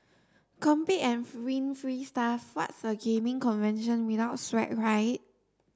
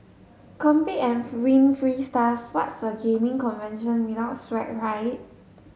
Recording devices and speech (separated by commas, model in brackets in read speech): standing microphone (AKG C214), mobile phone (Samsung S8), read sentence